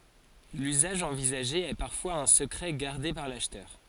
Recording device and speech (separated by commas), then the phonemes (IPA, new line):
forehead accelerometer, read sentence
lyzaʒ ɑ̃vizaʒe ɛ paʁfwaz œ̃ səkʁɛ ɡaʁde paʁ laʃtœʁ